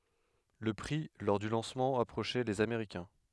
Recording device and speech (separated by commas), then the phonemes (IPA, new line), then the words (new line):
headset microphone, read sentence
lə pʁi lɔʁ dy lɑ̃smɑ̃ apʁoʃɛ lez ameʁikɛ̃
Le prix lors du lancement approchait les américain.